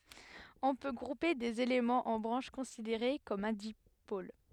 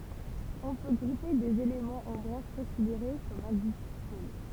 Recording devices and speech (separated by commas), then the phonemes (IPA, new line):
headset microphone, temple vibration pickup, read sentence
ɔ̃ pø ɡʁupe dez elemɑ̃z ɑ̃ bʁɑ̃ʃ kɔ̃sideʁe kɔm œ̃ dipol